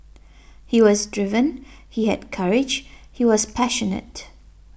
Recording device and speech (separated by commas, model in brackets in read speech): boundary microphone (BM630), read sentence